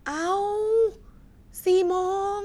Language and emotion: Thai, frustrated